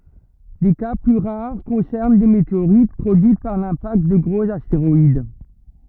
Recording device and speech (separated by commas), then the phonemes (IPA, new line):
rigid in-ear microphone, read sentence
de ka ply ʁaʁ kɔ̃sɛʁn de meteoʁit pʁodyit paʁ lɛ̃pakt də ɡʁoz asteʁɔid